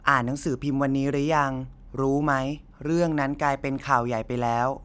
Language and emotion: Thai, neutral